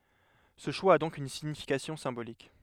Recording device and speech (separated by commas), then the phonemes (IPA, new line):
headset microphone, read sentence
sə ʃwa a dɔ̃k yn siɲifikasjɔ̃ sɛ̃bolik